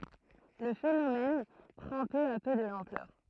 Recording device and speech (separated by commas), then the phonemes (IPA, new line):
throat microphone, read sentence
lə fenomɛn pʁɑ̃ pø a pø də lɑ̃plœʁ